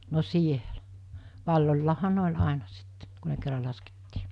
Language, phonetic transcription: Finnish, no 'sielᴀ̈ , 'valloĺlaaha 'ne ol̜ àena sitte , ku ne kerra laskettii .
- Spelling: no siellä valloillahan ne oli aina sitten kun ne kerran laskettiin

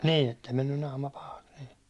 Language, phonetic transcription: Finnish, 'nii ettei mennyn 'naama pahaks nII .
- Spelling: niin että ei mennyt naama pahaksi niin

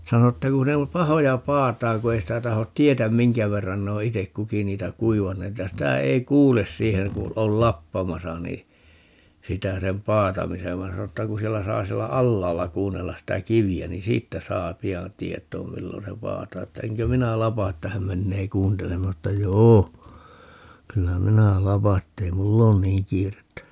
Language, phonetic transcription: Finnish, 'sano että 'ku ne (om) "pahoja 'paataaŋ ku 'ei sitä 'tahot "tietäm "miŋkä 'verran ne o "itek 'kuki 'niitä "kuivanneet ja 'sitä 'ei "kuules 'siiheŋ ku , 'ol "lappamasa nii , 'sitä 'sem "paatamisev vain 'sano ‿tta ku 'siɛllä 'saa 'siɛllä "allaalla 'kuunnellas sitä "kivi₍ä nin "siittä 'saa 'pi₍an "tiet̀oom 'millon se "paataa että 'eŋkö 'minä "lapa että 'häm 'mennee "kuunteleem - m(in)ä sano ‿tta » "joo , 'kyllä "minä "lapa ettei "mull ‿oon "niiŋ kiirettä » .
- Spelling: sano että kun ne on pahoja paatamaan kun ei sitä tahdo tietää minkä verran ne on itse kukin niitä kuivanneet ja sitä ei kuule siihen kun on lappamassa niin sitä sen paatamisen vaan sanoi että kun siellä saa siellä alhaalla kuunnella sitä kiveä niin siitä saa pian tietoon milloin se paataa että enkö minä lapa että hän menee kuuntelemaan minä sanoin että joo kyllä minä lapan että ei minulla ole niin kiirettä

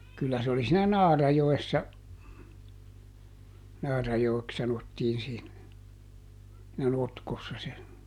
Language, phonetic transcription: Finnish, ˈkyllä se ‿oli siinä "Naarajoessa , ˈNaarajoeks sanottiin siin , -nä ˈnotkossa se ,.
- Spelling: kyllä se oli siinä Naarajoessa Naarajoeksi sanottiin siinä - notkossa se

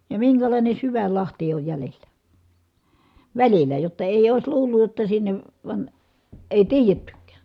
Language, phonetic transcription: Finnish, ja miŋkälàine syväl lahti oj jälel̆lä , välilä , jotta èi̮j ‿òis luulluj jotta sinnev van , èi̮ tiijettykkÄÄ .
- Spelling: ja minkälainen syvän lahti on jäljellä välillä jotta ei olisi luullut jotta sinne vaan ei tiedettykään

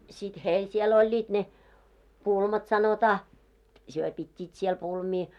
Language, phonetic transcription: Finnish, sit "heil 'siel oĺĺiit ne , 'pulmat sanotaa , 'hyö pit́t́iit siel 'pulmii .
- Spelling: sitten heillä siellä olivat ne pulmat sanotaan he pitivät siellä pulmia

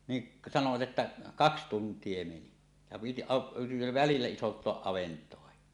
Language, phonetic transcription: Finnish, niˀ , sanovat 'että , "kaks 'tunt̀ie 'meni , ja piti a- , välillä 'isont̀oaˀ "ˀavent̀oahi .
- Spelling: niin sanoivat että kaksi tuntia meni ja piti - välillä isontaa avantoa

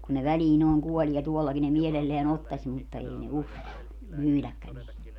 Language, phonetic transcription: Finnish, kun ne 'välii nooŋ 'kuoĺie 'tuollaki ne 'mielelleän ‿ottaś mutta 'ei ne "uskalla , 'myyläkkän ‿ei .
- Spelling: kun ne väliin noin kuolee tuollakin ne mielellään ottaisi mutta ei ne uskalla myydäkään ei

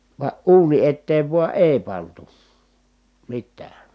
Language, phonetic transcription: Finnish, va ʼuuni etteev vua ʼèi̮ pantu , mittää .
- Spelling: vaan uuni eteen vain ei pantu mitään

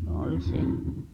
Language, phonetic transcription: Finnish, 'òl se .
- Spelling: oli se

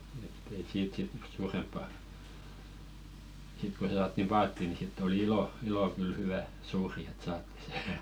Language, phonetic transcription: Finnish, ett ‿ei "siit sit 'suuremppa , sit ko ˢᵉ saattim 'paattì ni sitt ‿oli "ilo , 'ilò kyl 'hywä , suuri et 'saatti se .
- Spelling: että ei siitä sitten suurempaa sitten kun e saatiin paattiin niin sitten oli ilo ilo kyllä hyvä suuri että saatiin se

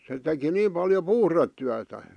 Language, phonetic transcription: Finnish, se teki 'niim paljo "puhrettyätä .
- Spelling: se teki niin paljon puhdetyötä

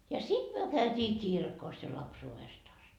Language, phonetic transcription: Finnish, ja 'sit myö käytii "kirkos ja 'lapsuuvest ‿ast .
- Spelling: ja sitten me käytiin kirkossa ja lapsuudesta asti

